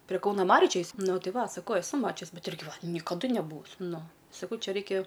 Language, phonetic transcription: Lithuanian, prie ˈkauna ˈmariu ˈčia ˈjis ˈnu ˈti ˈva saˈkau eˈsu ˈmačius ˈbet ˈirgi nikaˈdu neˈbūvus' ˈnu saˈkau ˈčia ˈraikia

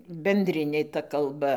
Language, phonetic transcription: Lithuanian, benˈdrinė ta kalˈba

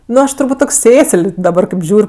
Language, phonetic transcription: Lithuanian, ˈnu ˈaš turˈbūt' tok' ˈsėsəl' daˈbar kaip ˈžiūr'

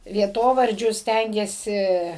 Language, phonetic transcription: Lithuanian, vieˈtovardžius ˈstængėsi

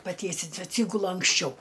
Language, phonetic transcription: Lithuanian, paˈtiesinsiu atˈsygulu anksˈčiau

